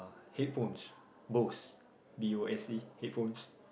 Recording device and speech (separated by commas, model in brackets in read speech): boundary microphone, conversation in the same room